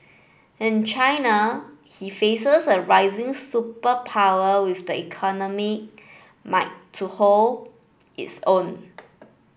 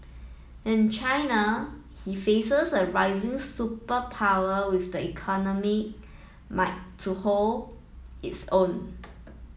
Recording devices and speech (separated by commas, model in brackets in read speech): boundary microphone (BM630), mobile phone (iPhone 7), read sentence